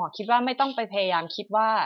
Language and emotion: Thai, frustrated